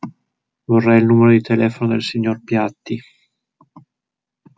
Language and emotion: Italian, sad